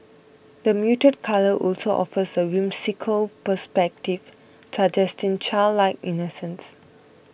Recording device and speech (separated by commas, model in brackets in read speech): boundary microphone (BM630), read sentence